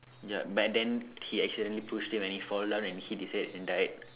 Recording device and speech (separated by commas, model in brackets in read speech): telephone, conversation in separate rooms